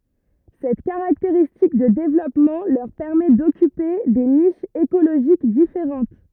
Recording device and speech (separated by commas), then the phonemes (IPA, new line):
rigid in-ear microphone, read sentence
sɛt kaʁakteʁistik də devlɔpmɑ̃ lœʁ pɛʁmɛ dɔkype de niʃz ekoloʒik difeʁɑ̃t